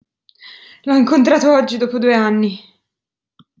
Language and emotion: Italian, fearful